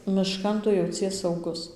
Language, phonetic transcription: Lithuanian, miˈškan ˈtu jauˈcies sauˈgus

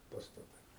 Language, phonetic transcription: Lithuanian, pastaˈtai

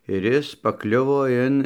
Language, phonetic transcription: Lithuanian, ir ˈis paˈkliuvo ˈin

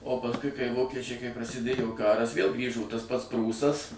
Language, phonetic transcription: Lithuanian, o pasˈkui kai ˈvokečiai kai prasiˈdėjo ˈkaras vėl ˈgrįžo tas pats ˈprūsas

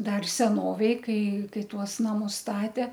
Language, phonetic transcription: Lithuanian, ˈdar seˈnovėj ˈkai ˈkai ˈtuos naˈmus ˈstate

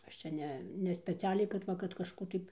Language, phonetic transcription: Lithuanian, ˈaš čia ˈne ne speˈcialiai kad ˈva kad kažˈkų tai

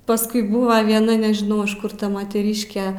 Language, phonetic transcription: Lithuanian, pasˈkui ˈbūva vieˈna nežiˈnau iš ˈkur ˈta moteˈryške

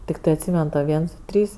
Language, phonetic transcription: Lithuanian, tikˈtɜ atˈsymen to ˈviens ˈdu ˈtrys

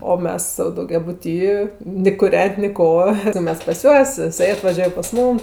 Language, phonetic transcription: Lithuanian, o ˈmes sau daugiaˈbuty ni kuˈren't' ni ˈko tai ˈmes pas ˈjuos jiˈsai atvaˈžiuoj pas ˈmūm

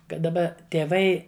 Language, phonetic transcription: Lithuanian, ˈkad daˈba tėˈvai

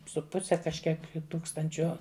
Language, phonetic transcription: Lithuanian, su ˈpuse kažˈkiek ˈtūkstančio

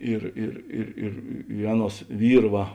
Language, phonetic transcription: Lithuanian, ˈir ir ir ir i ˈaˌnuos ˈvyr ˈva

